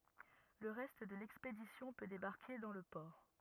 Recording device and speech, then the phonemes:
rigid in-ear microphone, read sentence
lə ʁɛst də lɛkspedisjɔ̃ pø debaʁke dɑ̃ lə pɔʁ

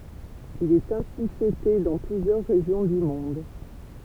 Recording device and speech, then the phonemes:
temple vibration pickup, read sentence
il ɛt ɛ̃si fɛte dɑ̃ plyzjœʁ ʁeʒjɔ̃ dy mɔ̃d

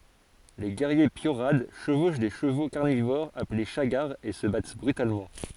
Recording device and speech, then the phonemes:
forehead accelerometer, read sentence
le ɡɛʁje pjoʁad ʃəvoʃ de ʃəvo kaʁnivoʁz aple ʃaɡaʁz e sə bat bʁytalmɑ̃

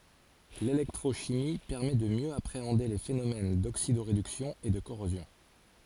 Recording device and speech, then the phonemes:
forehead accelerometer, read sentence
lelɛktʁoʃimi pɛʁmɛ də mjø apʁeɑ̃de le fenomɛn doksidoʁedyksjɔ̃ e də koʁozjɔ̃

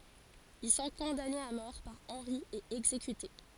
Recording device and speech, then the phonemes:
forehead accelerometer, read sentence
il sɔ̃ kɔ̃danez a mɔʁ paʁ ɑ̃ʁi e ɛɡzekyte

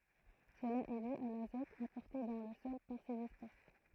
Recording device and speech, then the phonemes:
throat microphone, read sentence
səla ɛ dy a lazɔt apɔʁte dɑ̃ lə sɔl paʁ sez ɛspɛs

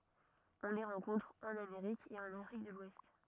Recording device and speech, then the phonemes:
rigid in-ear microphone, read sentence
ɔ̃ le ʁɑ̃kɔ̃tʁ ɑ̃n ameʁik e ɑ̃n afʁik də lwɛst

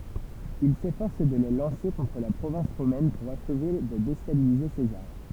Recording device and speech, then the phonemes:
temple vibration pickup, read sentence
il sefɔʁs də le lɑ̃se kɔ̃tʁ la pʁovɛ̃s ʁomɛn puʁ aʃve də destabilize sezaʁ

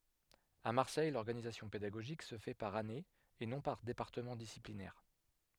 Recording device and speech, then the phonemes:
headset microphone, read sentence
a maʁsɛj lɔʁɡanizasjɔ̃ pedaɡoʒik sə fɛ paʁ ane e nɔ̃ paʁ depaʁtəmɑ̃ disiplinɛʁ

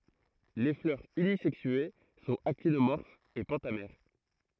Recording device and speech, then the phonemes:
throat microphone, read sentence
le flœʁz ynizɛksye sɔ̃t aktinomɔʁfz e pɑ̃tamɛʁ

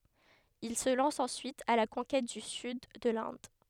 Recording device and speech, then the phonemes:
headset microphone, read sentence
il sə lɑ̃s ɑ̃syit a la kɔ̃kɛt dy syd də lɛ̃d

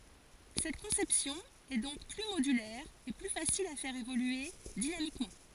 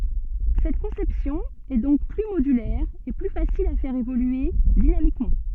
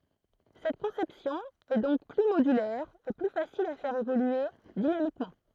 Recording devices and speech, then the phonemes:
forehead accelerometer, soft in-ear microphone, throat microphone, read sentence
sɛt kɔ̃sɛpsjɔ̃ ɛ dɔ̃k ply modylɛʁ e ply fasil a fɛʁ evolye dinamikmɑ̃

